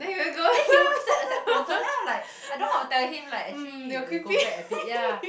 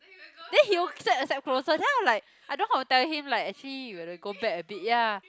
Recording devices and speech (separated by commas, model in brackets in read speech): boundary microphone, close-talking microphone, conversation in the same room